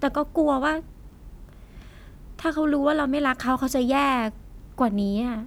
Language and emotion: Thai, frustrated